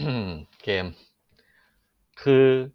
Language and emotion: Thai, frustrated